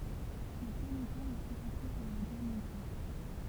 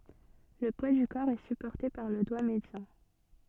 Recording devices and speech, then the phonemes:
temple vibration pickup, soft in-ear microphone, read sentence
lə pwa dy kɔʁ ɛ sypɔʁte paʁ lə dwa medjɑ̃

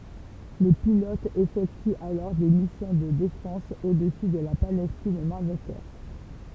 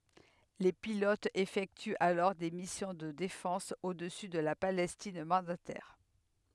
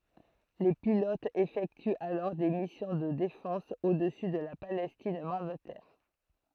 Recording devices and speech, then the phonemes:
temple vibration pickup, headset microphone, throat microphone, read sentence
le pilotz efɛktyt alɔʁ de misjɔ̃ də defɑ̃s odəsy də la palɛstin mɑ̃datɛʁ

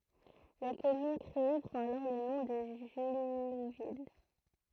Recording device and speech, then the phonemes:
throat microphone, read sentence
la kɔmyn kʁee pʁɑ̃t alɔʁ lə nɔ̃ də ʒyluvil

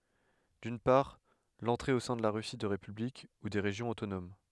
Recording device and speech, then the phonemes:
headset microphone, read sentence
dyn paʁ lɑ̃tʁe o sɛ̃ də la ʁysi də ʁepyblik u de ʁeʒjɔ̃z otonom

